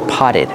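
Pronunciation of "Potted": In 'potted', the double t sounds like a fast d.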